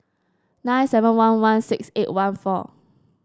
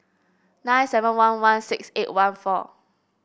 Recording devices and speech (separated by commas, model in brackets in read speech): standing microphone (AKG C214), boundary microphone (BM630), read sentence